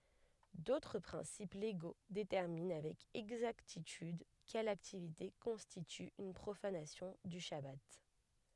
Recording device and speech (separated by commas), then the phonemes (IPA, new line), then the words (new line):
headset microphone, read sentence
dotʁ pʁɛ̃sip leɡo detɛʁmin avɛk ɛɡzaktityd kɛl aktivite kɔ̃stity yn pʁofanasjɔ̃ dy ʃaba
D'autres principes légaux déterminent avec exactitude quelle activité constitue une profanation du chabbat.